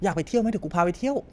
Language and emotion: Thai, happy